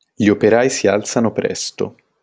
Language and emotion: Italian, neutral